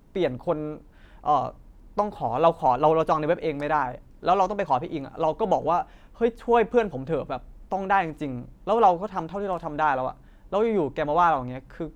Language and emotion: Thai, frustrated